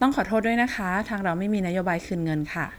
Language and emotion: Thai, neutral